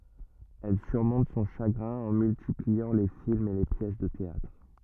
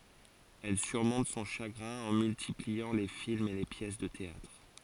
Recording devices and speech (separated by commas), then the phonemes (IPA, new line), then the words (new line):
rigid in-ear microphone, forehead accelerometer, read sentence
ɛl syʁmɔ̃t sɔ̃ ʃaɡʁɛ̃ ɑ̃ myltipliɑ̃ le filmz e le pjɛs də teatʁ
Elle surmonte son chagrin en multipliant les films et les pièces de théâtre.